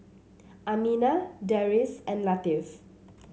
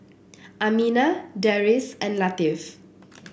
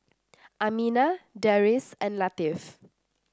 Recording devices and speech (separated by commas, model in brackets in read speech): mobile phone (Samsung C7), boundary microphone (BM630), standing microphone (AKG C214), read sentence